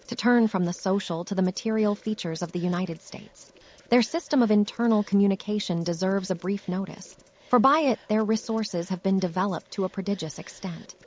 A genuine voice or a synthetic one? synthetic